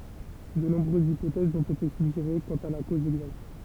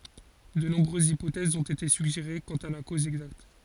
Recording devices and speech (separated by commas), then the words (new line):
temple vibration pickup, forehead accelerometer, read sentence
De nombreuses hypothèses ont été suggérées quant à la cause exacte.